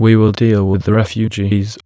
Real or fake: fake